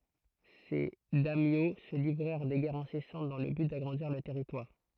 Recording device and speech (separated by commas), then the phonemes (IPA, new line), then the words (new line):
throat microphone, read sentence
se dɛmjo sə livʁɛʁ de ɡɛʁz ɛ̃sɛsɑ̃t dɑ̃ lə byt daɡʁɑ̃diʁ lœʁ tɛʁitwaʁ
Ces daimyo se livrèrent des guerres incessantes dans le but d'agrandir leurs territoires.